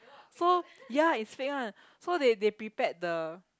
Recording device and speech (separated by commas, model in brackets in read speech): close-talking microphone, conversation in the same room